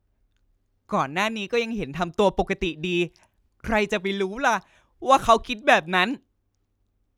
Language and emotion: Thai, frustrated